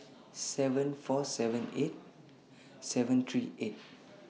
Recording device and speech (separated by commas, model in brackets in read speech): mobile phone (iPhone 6), read sentence